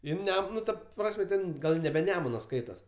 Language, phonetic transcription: Lithuanian, ˈjin ˈnem ˈnu ˈta ˈprasme ten ˈgal' nebe ˈnemuna ˈskaitas

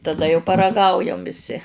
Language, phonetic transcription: Lithuanian, taˈda jau paraˈgaujam viˈsi

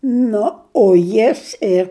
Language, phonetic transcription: Lithuanian, ˈnu o ˈjis ir

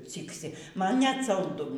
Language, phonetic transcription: Lithuanian, ˈcyksi ˈman net salˈdu

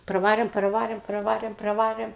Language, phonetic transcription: Lithuanian, praˈvarėm praˈvarėm praˈvarėm praˈvarėm

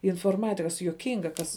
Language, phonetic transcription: Lithuanian, inforˈmatikas juoˈkinga ˈkas

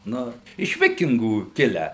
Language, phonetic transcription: Lithuanian, ˈnu iš ˈvikingų ˈkilę

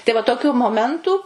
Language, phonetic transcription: Lithuanian, tai va toˈkių moˈmentu

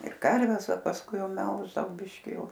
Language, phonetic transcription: Lithuanian, ir ˈkarves o pasˈkui ˈjau ˈmelždavau ˈbiški ˈjau

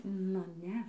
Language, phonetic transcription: Lithuanian, ˈnu ˈne

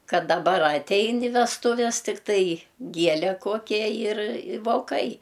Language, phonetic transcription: Lithuanian, ˈkad daˈbar aˈtein i vestuˈves tikˈtai ˈgiele ˈkokia ˈjir i voˈkai

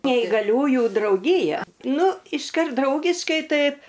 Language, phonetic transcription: Lithuanian, neigaˈliųjų drauˈgyja ˈnu išˈkart ˈdraugiškai ˈtaip

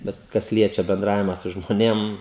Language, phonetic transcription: Lithuanian, ˈbet kas ˈliečia benˈdravima su žmoˈnėm

